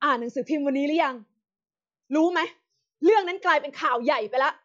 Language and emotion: Thai, angry